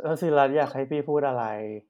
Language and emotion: Thai, frustrated